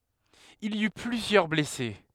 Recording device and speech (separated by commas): headset microphone, read sentence